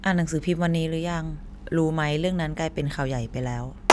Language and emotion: Thai, neutral